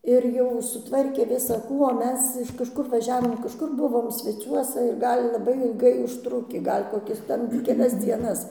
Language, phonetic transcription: Lithuanian, ir ˈjau suˈtvarkė visaˈkų o ˈmes iš kažˈkur vaˈžiavom kažˈkur ˈbuvom sveˈciuosa ir ˈgal' laˈbai ilˈgai užˈtrukį ˈgal' koˈkis ˈten keˈlias ˈdzienas

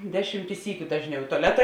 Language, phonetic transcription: Lithuanian, ˈdeˌšymti ˈsykiu ˈdažˌniau i tuaˈleta

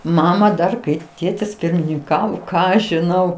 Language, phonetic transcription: Lithuanian, ˈmama dar ˈkai ˈtėtis pirmininˈkavo ˈką aš žiˈnau

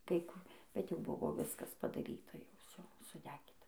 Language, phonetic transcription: Lithuanian, kai ˈku bet jau ˈbuvo ˈviskas padaˈryta jau ˈvsio suˈdegyta

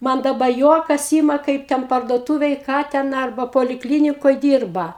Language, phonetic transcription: Lithuanian, ˈman daˈba ˈjuokas ˈyma ˈkaip ten parduoˈtūvėj ˈką ten ˈarba polikˈlynikoj ˈdyrba

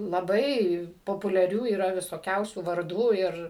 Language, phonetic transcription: Lithuanian, laˈbai populiaˈrių yˈra visoˈkiausių varˈdų ˈir

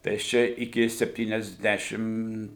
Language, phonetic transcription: Lithuanian, tai aš ˈčia iˈki septyniasˈdešim

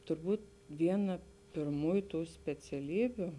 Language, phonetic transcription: Lithuanian, turˈbūt ˈviena pirˈmųju ˈtų speciaˈlybiu

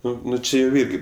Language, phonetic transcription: Lithuanian, ˈnu ˈnu ˈči jau ˈirgi

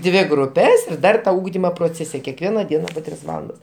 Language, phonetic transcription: Lithuanian, ˈdvi gruˈpes ir ˈdar ˈugdimo proˈcėse kekˈviena ˈdiena po ˈtris ˈvalandas

